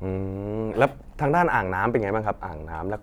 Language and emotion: Thai, neutral